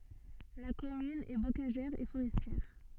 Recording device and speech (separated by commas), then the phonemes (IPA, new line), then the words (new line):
soft in-ear microphone, read sentence
la kɔmyn ɛ bokaʒɛʁ e foʁɛstjɛʁ
La commune est bocagère et forestière.